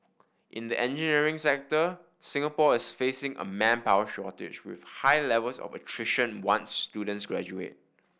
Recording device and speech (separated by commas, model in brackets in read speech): boundary microphone (BM630), read sentence